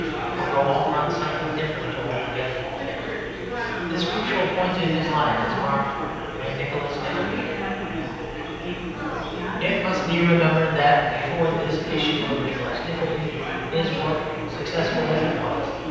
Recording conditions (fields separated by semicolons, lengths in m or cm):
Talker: one person; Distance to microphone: 7.1 m; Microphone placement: far; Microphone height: 1.7 m; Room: very reverberant, large; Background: babble